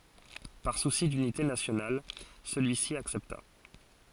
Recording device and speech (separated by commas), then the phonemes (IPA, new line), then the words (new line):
forehead accelerometer, read sentence
paʁ susi dynite nasjonal səlyisi aksɛpta
Par souci d'unité nationale, celui-ci accepta.